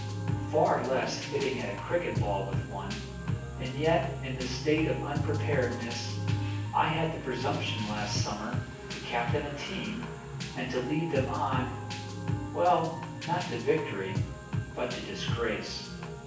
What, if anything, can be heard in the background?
Music.